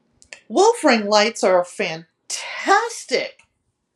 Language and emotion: English, disgusted